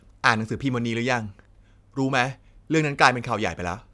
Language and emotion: Thai, frustrated